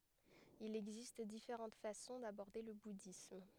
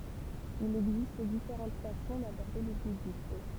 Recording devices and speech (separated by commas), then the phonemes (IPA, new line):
headset microphone, temple vibration pickup, read sentence
il ɛɡzist difeʁɑ̃t fasɔ̃ dabɔʁde lə budism